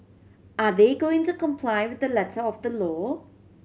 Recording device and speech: mobile phone (Samsung C7100), read sentence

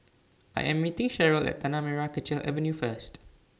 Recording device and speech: standing microphone (AKG C214), read sentence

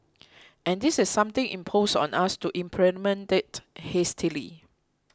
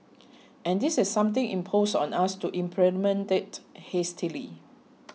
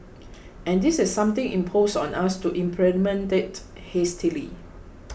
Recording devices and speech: close-talking microphone (WH20), mobile phone (iPhone 6), boundary microphone (BM630), read sentence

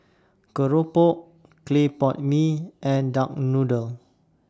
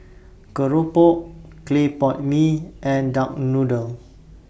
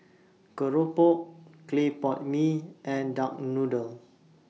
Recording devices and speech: standing microphone (AKG C214), boundary microphone (BM630), mobile phone (iPhone 6), read sentence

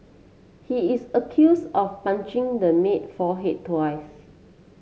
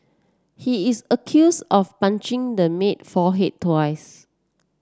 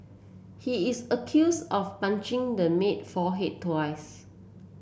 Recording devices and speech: mobile phone (Samsung C7), standing microphone (AKG C214), boundary microphone (BM630), read sentence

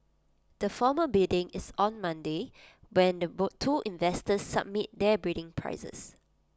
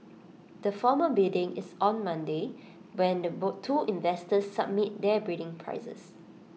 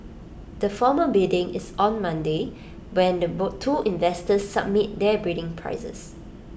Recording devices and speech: close-talking microphone (WH20), mobile phone (iPhone 6), boundary microphone (BM630), read sentence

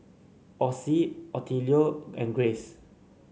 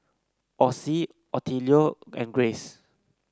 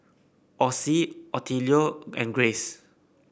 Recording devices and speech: mobile phone (Samsung C9), close-talking microphone (WH30), boundary microphone (BM630), read sentence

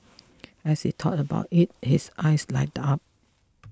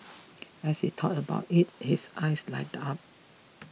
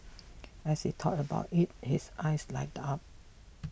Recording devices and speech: close-talking microphone (WH20), mobile phone (iPhone 6), boundary microphone (BM630), read sentence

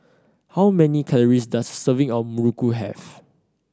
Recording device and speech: standing microphone (AKG C214), read sentence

